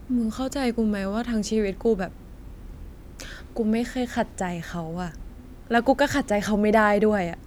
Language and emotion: Thai, sad